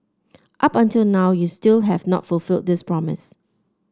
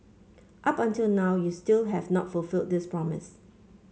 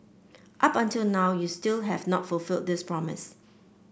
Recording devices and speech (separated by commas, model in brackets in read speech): standing microphone (AKG C214), mobile phone (Samsung C5), boundary microphone (BM630), read sentence